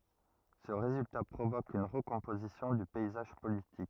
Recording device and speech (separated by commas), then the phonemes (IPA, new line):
rigid in-ear microphone, read sentence
sə ʁezylta pʁovok yn ʁəkɔ̃pozisjɔ̃ dy pɛizaʒ politik